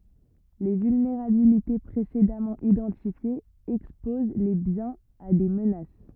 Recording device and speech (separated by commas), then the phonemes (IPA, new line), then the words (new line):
rigid in-ear microphone, read sentence
le vylneʁabilite pʁesedamɑ̃ idɑ̃tifjez ɛkspoz le bjɛ̃z a de mənas
Les vulnérabilités précédemment identifiées exposent les biens a des menaces.